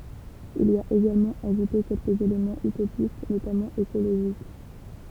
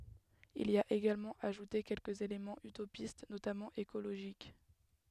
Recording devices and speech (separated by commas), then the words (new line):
temple vibration pickup, headset microphone, read sentence
Il y a également ajouté quelques éléments utopistes, notamment écologiques.